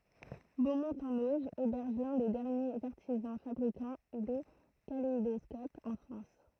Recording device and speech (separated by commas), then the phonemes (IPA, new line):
throat microphone, read sentence
bomɔ̃t ɑ̃n oʒ ebɛʁʒ lœ̃ de dɛʁnjez aʁtizɑ̃ fabʁikɑ̃ de kaleidɔskopz ɑ̃ fʁɑ̃s